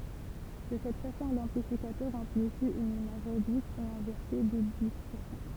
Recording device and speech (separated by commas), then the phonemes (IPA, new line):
temple vibration pickup, read sentence
də sɛt fasɔ̃ lɑ̃plifikatœʁ ɑ̃plifi yn imaʒ ʁedyit e ɛ̃vɛʁse de distɔʁsjɔ̃